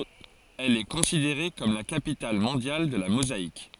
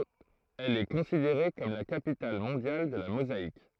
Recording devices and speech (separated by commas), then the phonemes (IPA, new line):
forehead accelerometer, throat microphone, read sentence
ɛl ɛ kɔ̃sideʁe kɔm la kapital mɔ̃djal də la mozaik